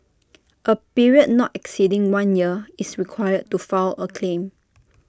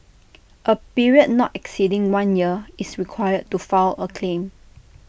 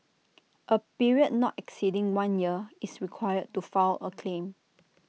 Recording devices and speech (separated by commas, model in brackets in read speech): standing microphone (AKG C214), boundary microphone (BM630), mobile phone (iPhone 6), read sentence